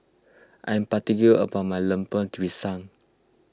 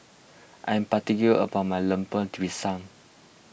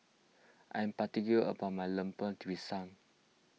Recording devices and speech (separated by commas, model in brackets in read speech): close-talking microphone (WH20), boundary microphone (BM630), mobile phone (iPhone 6), read sentence